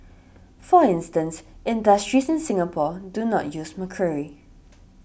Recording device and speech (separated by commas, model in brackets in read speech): boundary microphone (BM630), read sentence